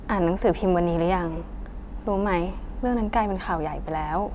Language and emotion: Thai, sad